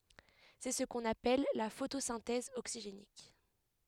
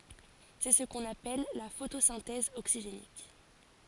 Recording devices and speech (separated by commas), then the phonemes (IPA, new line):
headset microphone, forehead accelerometer, read sentence
sɛ sə kɔ̃n apɛl la fotosɛ̃tɛz oksiʒenik